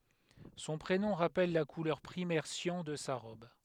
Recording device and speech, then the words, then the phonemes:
headset microphone, read sentence
Son prénom rappelle la couleur primaire cyan de sa robe.
sɔ̃ pʁenɔ̃ ʁapɛl la kulœʁ pʁimɛʁ sjɑ̃ də sa ʁɔb

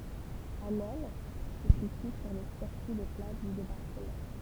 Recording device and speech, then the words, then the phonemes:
temple vibration pickup, read sentence
Asnelles se situe sur le circuit des plages du Débarquement.
asnɛl sə sity syʁ lə siʁkyi de plaʒ dy debaʁkəmɑ̃

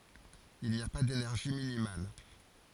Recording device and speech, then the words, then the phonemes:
forehead accelerometer, read sentence
Il n'y a pas d'énergie minimale.
il ni a pa denɛʁʒi minimal

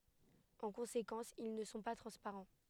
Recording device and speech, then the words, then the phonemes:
headset microphone, read sentence
En conséquence, ils ne sont pas transparents.
ɑ̃ kɔ̃sekɑ̃s il nə sɔ̃ pa tʁɑ̃spaʁɑ̃

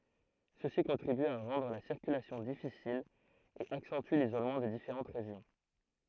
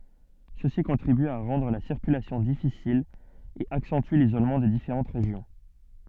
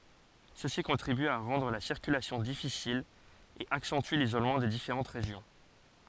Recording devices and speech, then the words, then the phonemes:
throat microphone, soft in-ear microphone, forehead accelerometer, read sentence
Ceci contribue à rendre la circulation difficile et accentue l'isolement des différentes régions.
səsi kɔ̃tʁiby a ʁɑ̃dʁ la siʁkylasjɔ̃ difisil e aksɑ̃ty lizolmɑ̃ de difeʁɑ̃t ʁeʒjɔ̃

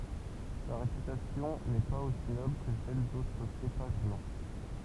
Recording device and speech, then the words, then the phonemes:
temple vibration pickup, read sentence
Sa réputation n'est pas aussi noble que celle d'autres cépages blancs.
sa ʁepytasjɔ̃ nɛ paz osi nɔbl kə sɛl dotʁ sepaʒ blɑ̃

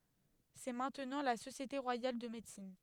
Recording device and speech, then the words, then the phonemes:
headset microphone, read sentence
C'est maintenant la Société Royale de Médecine.
sɛ mɛ̃tnɑ̃ la sosjete ʁwajal də medəsin

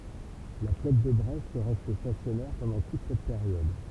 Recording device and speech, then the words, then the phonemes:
temple vibration pickup, read sentence
La flotte de Brest reste stationnaire pendant toute cette période.
la flɔt də bʁɛst ʁɛst stasjɔnɛʁ pɑ̃dɑ̃ tut sɛt peʁjɔd

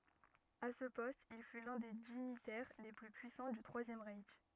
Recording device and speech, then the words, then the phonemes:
rigid in-ear microphone, read sentence
À ce poste, il fut l'un des dignitaires les plus puissants du Troisième Reich.
a sə pɔst il fy lœ̃ de diɲitɛʁ le ply pyisɑ̃ dy tʁwazjɛm ʁɛʃ

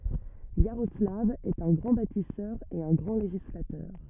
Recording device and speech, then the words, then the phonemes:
rigid in-ear microphone, read sentence
Iaroslav est un grand bâtisseur et un grand législateur.
jaʁɔslav ɛt œ̃ ɡʁɑ̃ batisœʁ e œ̃ ɡʁɑ̃ leʒislatœʁ

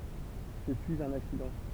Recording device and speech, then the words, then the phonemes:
temple vibration pickup, read sentence
Je suis un accident.
ʒə syiz œ̃n aksidɑ̃

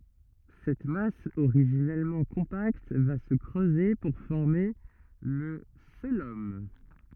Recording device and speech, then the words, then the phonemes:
rigid in-ear microphone, read sentence
Cette masse originellement compacte va se creuser pour former le cœlome.
sɛt mas oʁiʒinɛlmɑ̃ kɔ̃pakt va sə kʁøze puʁ fɔʁme lə koəlom

